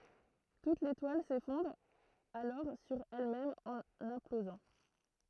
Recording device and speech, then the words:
throat microphone, read sentence
Toute l'étoile s'effondre alors sur elle-même en implosant.

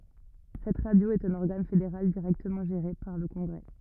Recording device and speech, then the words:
rigid in-ear microphone, read sentence
Cette radio est un organe fédéral directement géré par le congrès.

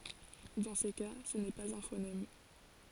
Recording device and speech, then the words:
forehead accelerometer, read sentence
Dans ces cas, ce n'est pas un phonème.

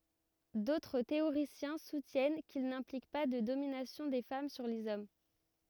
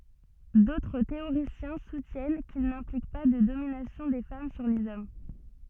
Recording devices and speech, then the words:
rigid in-ear microphone, soft in-ear microphone, read sentence
D'autres théoriciens soutiennent qu'il n'implique pas de domination des femmes sur les hommes.

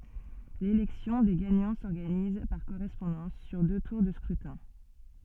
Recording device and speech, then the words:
soft in-ear microphone, read sentence
L'élection des gagnants s'organise, par correspondance, sur deux tours de scrutin.

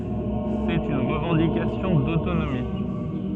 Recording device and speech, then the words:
soft in-ear microphone, read sentence
C'est une revendication d'autonomie.

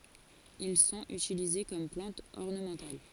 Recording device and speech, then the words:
forehead accelerometer, read sentence
Ils sont utilisés comme plantes ornementales.

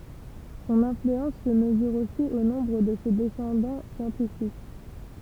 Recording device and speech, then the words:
temple vibration pickup, read sentence
Son influence se mesure aussi au nombre de ses descendants scientifiques.

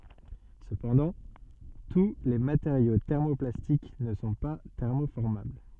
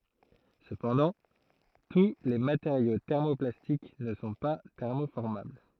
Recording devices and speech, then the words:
soft in-ear microphone, throat microphone, read sentence
Cependant, tous les matériaux thermoplastiques ne sont pas thermoformables.

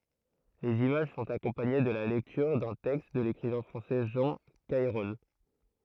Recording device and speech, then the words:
throat microphone, read sentence
Les images sont accompagnées de la lecture d'un texte de l'écrivain français Jean Cayrol.

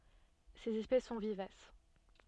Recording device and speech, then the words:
soft in-ear microphone, read sentence
Ses espèces sont vivaces.

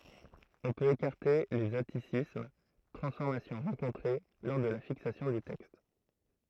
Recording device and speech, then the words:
throat microphone, read sentence
On peut écarter les atticismes, transformations rencontrées lors de la fixation du texte.

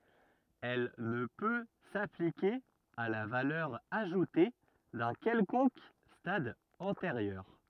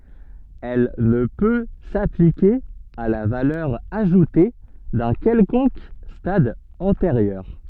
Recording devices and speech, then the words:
rigid in-ear microphone, soft in-ear microphone, read sentence
Elle ne peut s'appliquer à la valeur ajoutée d'un quelconque stade antérieur.

